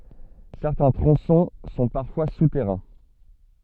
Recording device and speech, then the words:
soft in-ear microphone, read sentence
Certains tronçons sont parfois souterrains.

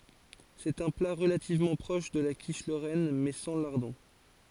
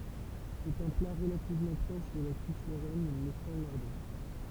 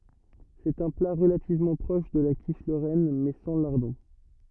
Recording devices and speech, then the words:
forehead accelerometer, temple vibration pickup, rigid in-ear microphone, read sentence
C'est un plat relativement proche de la quiche lorraine, mais sans lardons.

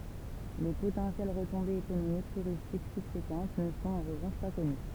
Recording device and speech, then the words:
temple vibration pickup, read sentence
Les potentielles retombées économiques touristiques subséquentes ne sont en revanche pas connues.

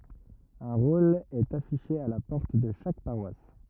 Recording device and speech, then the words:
rigid in-ear microphone, read sentence
Un rôle est affiché à la porte de chaque paroisse.

